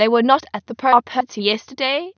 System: TTS, waveform concatenation